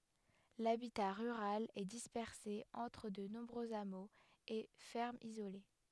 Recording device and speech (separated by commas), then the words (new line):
headset microphone, read sentence
L'habitat rural est dispersé entre de nombreux hameaux et fermes isolées.